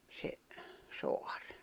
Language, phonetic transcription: Finnish, se , 'soar .
- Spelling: se saari

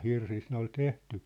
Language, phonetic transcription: Finnish, 'hirsist ne ‿ol 'tehty .
- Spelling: hirsistä ne oli tehty

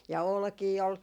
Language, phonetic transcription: Finnish, ja "olkii ol ,.
- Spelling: ja olkia oli

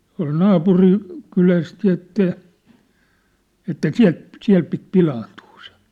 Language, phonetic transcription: Finnish, tua̭l 'naapuri- , '-kyläst jă että , että "siä̭lt , "siä̭l pit "pilaantuu se .
- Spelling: tuolla - naapurikylästä ja että että sieltä siellä piti pilaantua se

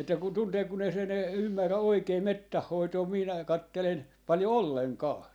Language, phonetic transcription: Finnish, että kun 'tuntee kun ‿ei se , ne 'ymmärrä 'oikee "mettäh 'hoitoo , 'minä 'kattelen , 'paljo "olleŋ"kaa .
- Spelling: että kun tuntee kun ei se ne ymmärrä oikein metsän hoitoa minä katselen paljon ollenkaan

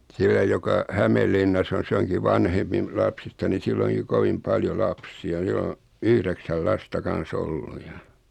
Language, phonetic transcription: Finnish, 'sillä joka , 'Hämellinnass ‿on̬ 's ‿oŋki 'vanhempi m- 'lapsista ni 'sill ‿oŋki 'kovim 'paljo "lapsi₍a sil ‿o , 'yhðeksäl 'lasta kan̬'s ‿ollu ja .
- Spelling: sillä joka Hämeenlinnassa on se onkin vanhempi - lapsista niin sillä onkin kovin paljon lapsia sillä on yhdeksän lasta kanssa ollut ja

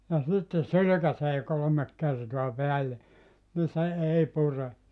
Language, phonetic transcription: Finnish, ja 'sitte "sylykäsee 'kolomek kertoa 'peälle , ni 'se 'ei 'pure .
- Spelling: ja sitten sylkäisee kolme kertaa päälle niin se ei pure

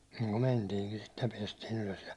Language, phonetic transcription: Finnish, ja myäₒ 'mentiiŋkin sit ja 'piɛstii'n ‿ylös ja ,.
- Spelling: ja me mentiinkin sitten ja päästiin ylös ja

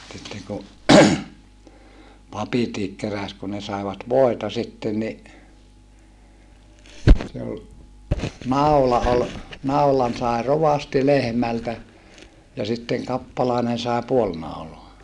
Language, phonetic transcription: Finnish, sitteŋ ku , papitiik keräs kun ne saevat vòeta sitten ni , se ol , nau̬la ol , naulan sàe rovasti lehmältä , ja sitteŋ kappalàenen sàe puol nauloa .
- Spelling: sitten kun papitkin keräsi kun ne saivat voita sitten niin se oli naula oli naulan sai rovasti lehmältä ja sitten kappalainen sai puoli naulaa

